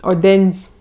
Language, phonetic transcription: Lithuanian, oˈden's'

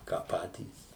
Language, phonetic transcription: Lithuanian, ką ˈpatys

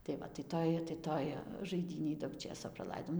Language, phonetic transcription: Lithuanian, tai ˈva tai ˈtoj tai ˈtoj žaiˈdynėj daug ˈčėso praˈlaidom

